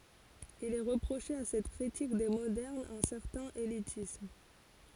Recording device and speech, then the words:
forehead accelerometer, read sentence
Il est reproché à cette critique des modernes un certain élitisme.

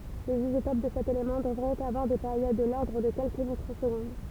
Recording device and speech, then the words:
temple vibration pickup, read sentence
Les isotopes de cet élément devraient avoir des périodes de l'ordre de quelques microsecondes.

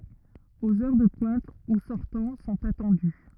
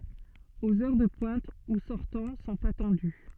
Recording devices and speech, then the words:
rigid in-ear microphone, soft in-ear microphone, read sentence
Aux heures de pointe, ou sortants sont attendus.

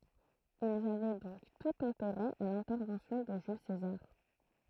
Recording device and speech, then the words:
throat microphone, read sentence
Ils avaient donc tout intérêt à l'intervention de Jules César.

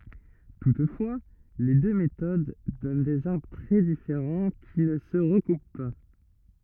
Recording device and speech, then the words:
rigid in-ear microphone, read sentence
Toutefois, les deux méthodes donnent des arbres très différents qui ne se recoupent pas.

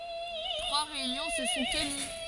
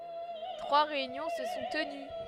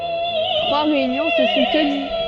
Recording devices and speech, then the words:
forehead accelerometer, headset microphone, soft in-ear microphone, read sentence
Trois réunions se sont tenues.

